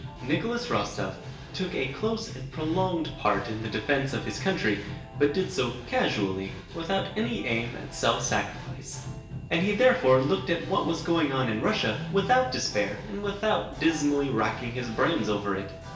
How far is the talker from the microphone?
1.8 m.